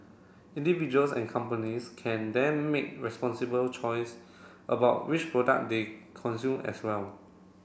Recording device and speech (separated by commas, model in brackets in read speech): boundary microphone (BM630), read sentence